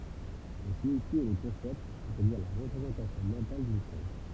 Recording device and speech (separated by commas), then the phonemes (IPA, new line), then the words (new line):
temple vibration pickup, read sentence
lə siɲifje ɛ lə kɔ̃sɛpt sɛstadiʁ la ʁəpʁezɑ̃tasjɔ̃ mɑ̃tal dyn ʃɔz
Le signifié est le concept, c'est-à-dire la représentation mentale d'une chose.